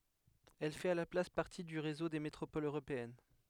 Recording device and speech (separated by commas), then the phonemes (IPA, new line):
headset microphone, read sentence
ɛl fɛt a la plas paʁti dy ʁezo de metʁopolz øʁopeɛn